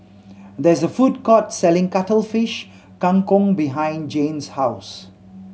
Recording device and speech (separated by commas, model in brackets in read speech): mobile phone (Samsung C7100), read sentence